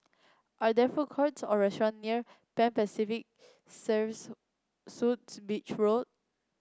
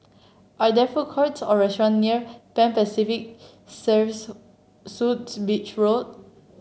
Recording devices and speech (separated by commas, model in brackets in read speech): close-talking microphone (WH30), mobile phone (Samsung C7), read sentence